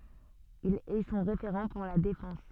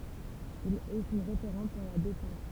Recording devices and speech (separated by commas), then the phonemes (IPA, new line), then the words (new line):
soft in-ear microphone, temple vibration pickup, read sentence
il ɛ sɔ̃ ʁefeʁɑ̃ puʁ la defɑ̃s
Il est son référent pour la défense.